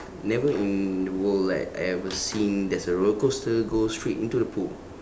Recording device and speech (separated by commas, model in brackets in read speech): standing microphone, conversation in separate rooms